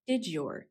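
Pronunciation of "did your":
'Did your' is said with coalescence: the d sound at the end of 'did' and the y sound at the start of 'your' coalesce.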